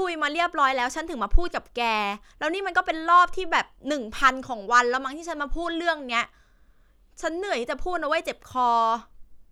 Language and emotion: Thai, frustrated